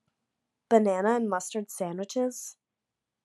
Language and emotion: English, disgusted